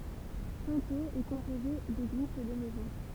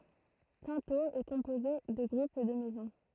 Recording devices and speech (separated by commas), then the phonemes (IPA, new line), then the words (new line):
temple vibration pickup, throat microphone, read sentence
sɛ̃toz ɛ kɔ̃poze də ɡʁup də mɛzɔ̃
Cintheaux est composée de groupes de maisons.